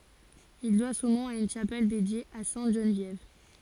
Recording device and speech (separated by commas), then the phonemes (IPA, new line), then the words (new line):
forehead accelerometer, read sentence
il dwa sɔ̃ nɔ̃ a yn ʃapɛl dedje a sɛ̃t ʒənvjɛv
Il doit son nom à une chapelle dédiée à sainte Geneviève.